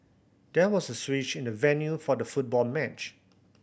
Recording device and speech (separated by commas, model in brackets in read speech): boundary microphone (BM630), read sentence